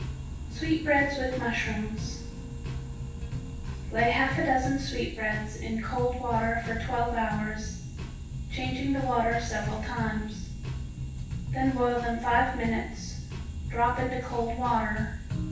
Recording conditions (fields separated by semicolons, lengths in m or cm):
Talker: one person; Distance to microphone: 9.8 m; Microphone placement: far; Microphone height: 1.8 m; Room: large; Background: music